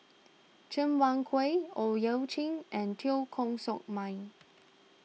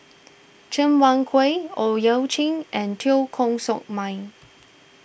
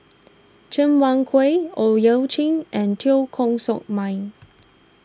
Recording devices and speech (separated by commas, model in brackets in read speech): mobile phone (iPhone 6), boundary microphone (BM630), standing microphone (AKG C214), read sentence